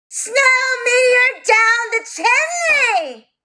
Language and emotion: English, disgusted